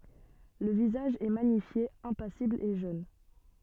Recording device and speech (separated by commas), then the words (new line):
soft in-ear microphone, read sentence
Le visage est magnifié, impassible et jeune.